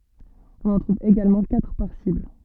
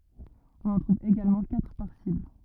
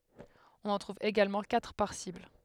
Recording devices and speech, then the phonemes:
soft in-ear microphone, rigid in-ear microphone, headset microphone, read sentence
ɔ̃n ɑ̃ tʁuv eɡalmɑ̃ katʁ paʁ sibl

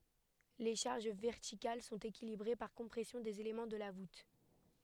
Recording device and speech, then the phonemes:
headset microphone, read sentence
le ʃaʁʒ vɛʁtikal sɔ̃t ekilibʁe paʁ kɔ̃pʁɛsjɔ̃ dez elemɑ̃ də la vut

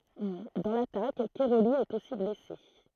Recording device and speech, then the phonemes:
throat microphone, read sentence
dɑ̃ latak kɛʁoli ɛt osi blɛse

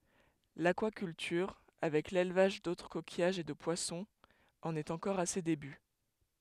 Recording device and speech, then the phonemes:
headset microphone, read sentence
lakwakyltyʁ avɛk lelvaʒ dotʁ kokijaʒz e də pwasɔ̃z ɑ̃n ɛt ɑ̃kɔʁ a se deby

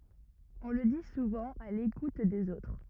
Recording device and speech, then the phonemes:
rigid in-ear microphone, read sentence
ɔ̃ lə di suvɑ̃ a lekut dez otʁ

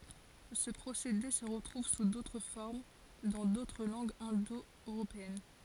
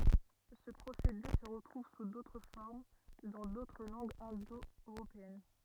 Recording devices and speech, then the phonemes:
forehead accelerometer, rigid in-ear microphone, read sentence
sə pʁosede sə ʁətʁuv su dotʁ fɔʁm dɑ̃ dotʁ lɑ̃ɡz ɛ̃do øʁopeɛn

